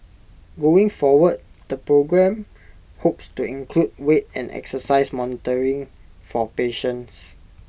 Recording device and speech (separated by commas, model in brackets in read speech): boundary microphone (BM630), read sentence